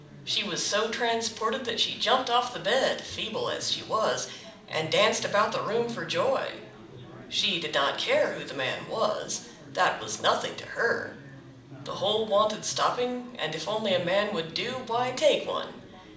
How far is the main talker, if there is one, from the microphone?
2.0 m.